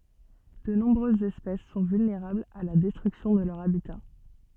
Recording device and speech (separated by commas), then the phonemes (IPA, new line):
soft in-ear microphone, read sentence
də nɔ̃bʁøzz ɛspɛs sɔ̃ vylneʁablz a la dɛstʁyksjɔ̃ də lœʁ abita